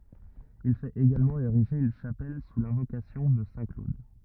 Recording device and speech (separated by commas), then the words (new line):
rigid in-ear microphone, read sentence
Il fait également ériger une chapelle sous l’invocation de saint Claude.